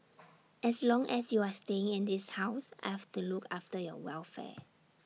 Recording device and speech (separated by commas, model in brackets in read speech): mobile phone (iPhone 6), read sentence